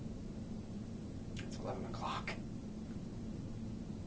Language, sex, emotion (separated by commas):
English, male, fearful